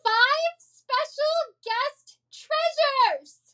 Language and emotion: English, fearful